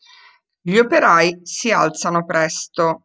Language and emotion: Italian, neutral